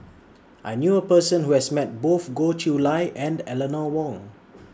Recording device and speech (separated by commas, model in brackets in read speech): standing microphone (AKG C214), read sentence